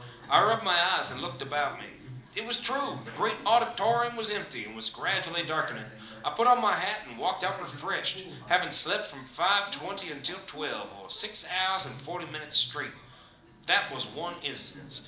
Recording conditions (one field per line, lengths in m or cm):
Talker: one person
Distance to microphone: 2.0 m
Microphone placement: close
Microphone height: 99 cm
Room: medium-sized (5.7 m by 4.0 m)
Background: television